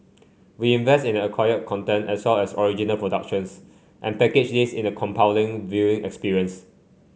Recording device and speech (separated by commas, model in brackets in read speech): mobile phone (Samsung C5), read sentence